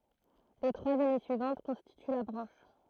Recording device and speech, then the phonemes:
throat microphone, read sentence
le tʁwaz ane syivɑ̃t kɔ̃stity la bʁɑ̃ʃ

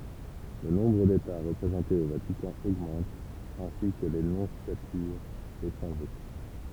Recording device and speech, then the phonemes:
temple vibration pickup, read sentence
lə nɔ̃bʁ deta ʁəpʁezɑ̃tez o vatikɑ̃ oɡmɑ̃t ɛ̃si kə le nɔ̃sjatyʁz a letʁɑ̃ʒe

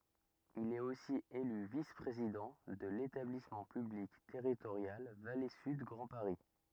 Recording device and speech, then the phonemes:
rigid in-ear microphone, read sentence
il ɛt osi ely vis pʁezidɑ̃ də letablismɑ̃ pyblik tɛʁitoʁjal vale syd ɡʁɑ̃ paʁi

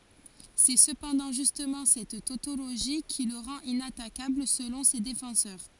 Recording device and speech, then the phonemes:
forehead accelerometer, read sentence
sɛ səpɑ̃dɑ̃ ʒystmɑ̃ sɛt totoloʒi ki lə ʁɑ̃t inatakabl səlɔ̃ se defɑ̃sœʁ

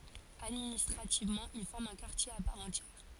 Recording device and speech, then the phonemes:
forehead accelerometer, read sentence
administʁativmɑ̃ il fɔʁm œ̃ kaʁtje a paʁ ɑ̃tjɛʁ

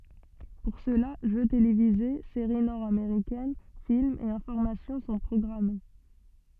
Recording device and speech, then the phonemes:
soft in-ear microphone, read sentence
puʁ səla ʒø televize seʁi nɔʁdameʁikɛn filmz e ɛ̃fɔʁmasjɔ̃ sɔ̃ pʁɔɡʁame

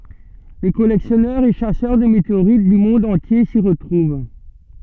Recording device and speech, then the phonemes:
soft in-ear microphone, read sentence
le kɔlɛksjɔnœʁz e ʃasœʁ də meteoʁit dy mɔ̃d ɑ̃tje si ʁətʁuv

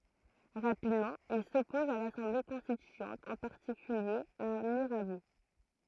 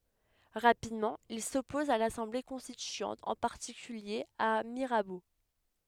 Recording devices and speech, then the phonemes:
throat microphone, headset microphone, read sentence
ʁapidmɑ̃ il sɔpɔz a lasɑ̃ble kɔ̃stityɑ̃t ɑ̃ paʁtikylje a miʁabo

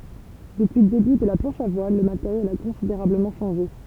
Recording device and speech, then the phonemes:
temple vibration pickup, read sentence
dəpyi lə deby də la plɑ̃ʃ a vwal lə mateʁjɛl a kɔ̃sideʁabləmɑ̃ ʃɑ̃ʒe

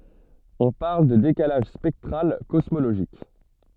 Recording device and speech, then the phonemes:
soft in-ear microphone, read sentence
ɔ̃ paʁl də dekalaʒ spɛktʁal kɔsmoloʒik

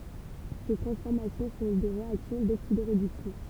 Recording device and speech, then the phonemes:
temple vibration pickup, read sentence
se tʁɑ̃sfɔʁmasjɔ̃ sɔ̃ de ʁeaksjɔ̃ doksidoʁedyksjɔ̃

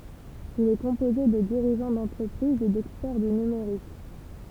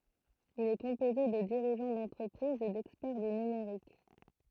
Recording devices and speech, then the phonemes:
temple vibration pickup, throat microphone, read sentence
il ɛ kɔ̃poze də diʁiʒɑ̃ dɑ̃tʁəpʁizz e dɛkspɛʁ dy nymeʁik

